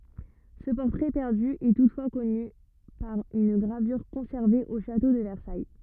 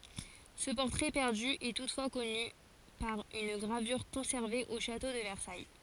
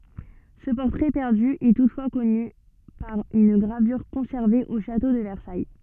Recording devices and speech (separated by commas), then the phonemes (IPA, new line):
rigid in-ear microphone, forehead accelerometer, soft in-ear microphone, read sentence
sə pɔʁtʁɛ pɛʁdy ɛ tutfwa kɔny paʁ yn ɡʁavyʁ kɔ̃sɛʁve o ʃato də vɛʁsaj